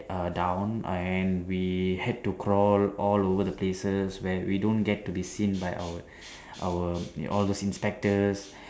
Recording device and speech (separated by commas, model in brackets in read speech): standing microphone, conversation in separate rooms